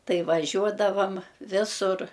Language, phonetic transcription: Lithuanian, ˈtai vaˈžiuodavam ˈvisur

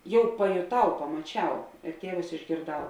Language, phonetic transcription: Lithuanian, ˈjau pajoˈtau pamaˈčiau ir ˈtievus išgėrˈdau

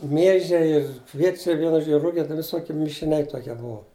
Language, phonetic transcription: Lithuanian, ˈmiežiai ir ˈkviečiai ˈvienu ˈžodži ˈrugia viˈsokie mišiˈniai ˈtokie ˈbuo

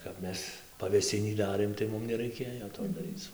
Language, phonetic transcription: Lithuanian, kap ˈmes pavėˈsinį ˈdarėm tai ˈmum neˈraikėjo to daˈryc

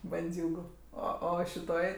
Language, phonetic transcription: Lithuanian, banˈdziūgu ˈo ˈo šiˈtoj

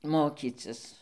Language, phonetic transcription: Lithuanian, ˈmokycis

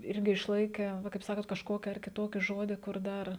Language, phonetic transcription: Lithuanian, ˈirgi išˈlaikę ˈva kaip ˈsakot kažˈkoki ar kiˈtoki ˈžodi kur ˈdar

